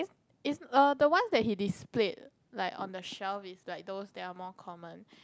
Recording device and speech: close-talking microphone, conversation in the same room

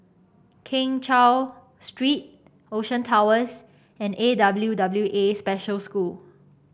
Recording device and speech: boundary microphone (BM630), read sentence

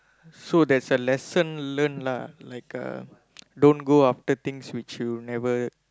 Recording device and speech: close-talking microphone, conversation in the same room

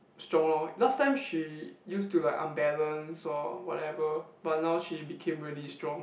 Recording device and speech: boundary microphone, conversation in the same room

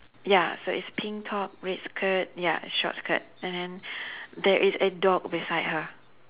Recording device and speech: telephone, conversation in separate rooms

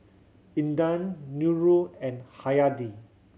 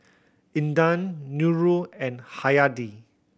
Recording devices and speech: mobile phone (Samsung C7100), boundary microphone (BM630), read sentence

